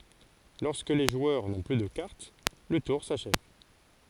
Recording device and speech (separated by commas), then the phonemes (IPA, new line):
forehead accelerometer, read sentence
lɔʁskə le ʒwœʁ nɔ̃ ply də kaʁt lə tuʁ saʃɛv